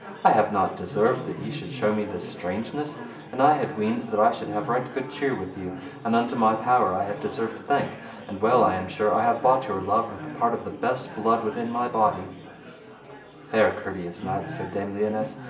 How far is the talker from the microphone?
1.8 m.